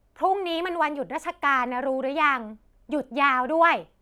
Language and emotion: Thai, frustrated